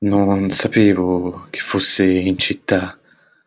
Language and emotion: Italian, fearful